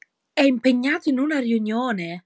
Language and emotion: Italian, surprised